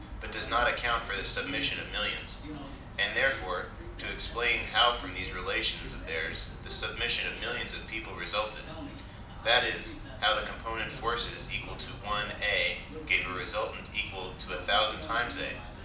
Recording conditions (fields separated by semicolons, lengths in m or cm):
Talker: one person; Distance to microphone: 2.0 m; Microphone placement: close; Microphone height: 99 cm; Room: medium-sized (5.7 m by 4.0 m); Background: television